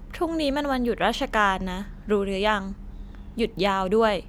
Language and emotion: Thai, neutral